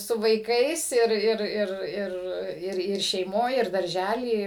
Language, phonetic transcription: Lithuanian, su vaiˈkais ˈir ˈir ˈir ˈir ˈir ˈir šeiˈmoj ir darˈžæly ˈi

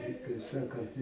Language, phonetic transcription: Lithuanian, i kaip ˈsakant

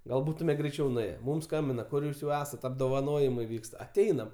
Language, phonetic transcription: Lithuanian, ˈgal ˈbūtume greiˈčiau nuˈėje ˈmum ˈskambina ˈkur ˈjūs jau ˈesat apdovaˈnojimai ˈvykst aˈteinam

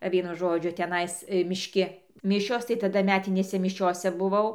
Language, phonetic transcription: Lithuanian, ˈvienu ˈžodžiu teˈnais mišˈki ˈmišios tai taˈda ˈmetinėse miˈšiose buˈvau

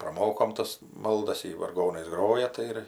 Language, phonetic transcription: Lithuanian, praˈmokom ˈtas ˈmaldas ˈji varˈgonais ˈgroja ˈtai ir

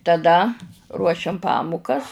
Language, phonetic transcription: Lithuanian, taˈda ruoˈšiam ˈpamukas

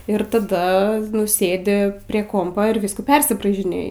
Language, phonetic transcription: Lithuanian, ir taˈda nu ˈsėdi prie ˈkompa ir ˈvyskų ˈpersibraižinėji

